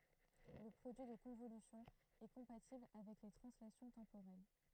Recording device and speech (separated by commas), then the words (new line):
throat microphone, read sentence
Le produit de convolution est compatible avec les translations temporelles.